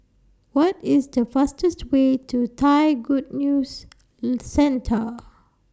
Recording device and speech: standing microphone (AKG C214), read sentence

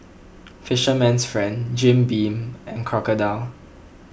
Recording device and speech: boundary microphone (BM630), read sentence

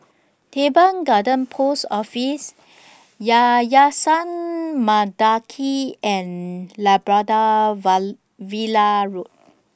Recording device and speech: standing microphone (AKG C214), read sentence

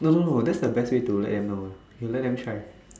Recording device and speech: standing microphone, conversation in separate rooms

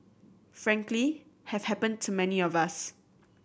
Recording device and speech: boundary microphone (BM630), read sentence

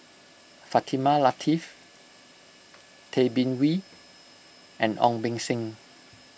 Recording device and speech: boundary microphone (BM630), read sentence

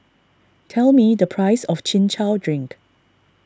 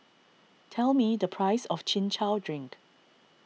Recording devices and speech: standing microphone (AKG C214), mobile phone (iPhone 6), read sentence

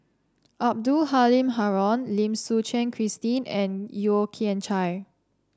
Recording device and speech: standing microphone (AKG C214), read sentence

